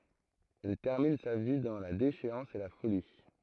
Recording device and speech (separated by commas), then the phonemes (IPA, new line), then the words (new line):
throat microphone, read sentence
ɛl tɛʁmin sa vi dɑ̃ la deʃeɑ̃s e la foli
Elle termine sa vie dans la déchéance et la folie.